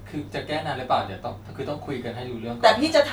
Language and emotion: Thai, frustrated